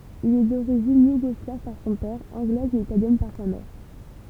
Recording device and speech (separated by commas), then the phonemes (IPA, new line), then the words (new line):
temple vibration pickup, read sentence
il ɛ doʁiʒin juɡɔslav paʁ sɔ̃ pɛʁ ɑ̃ɡlɛz e italjɛn paʁ sa mɛʁ
Il est d'origine yougoslave par son père, anglaise et italienne par sa mère.